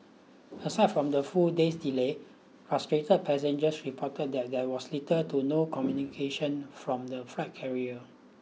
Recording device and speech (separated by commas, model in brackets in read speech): mobile phone (iPhone 6), read sentence